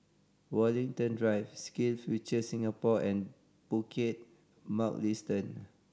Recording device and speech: standing microphone (AKG C214), read sentence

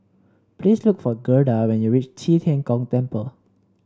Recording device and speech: standing microphone (AKG C214), read sentence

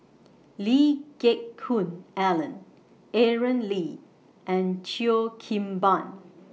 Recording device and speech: mobile phone (iPhone 6), read sentence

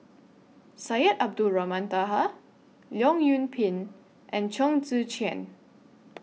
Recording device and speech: mobile phone (iPhone 6), read sentence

